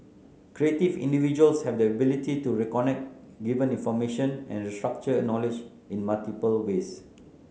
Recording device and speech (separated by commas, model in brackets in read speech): mobile phone (Samsung C9), read sentence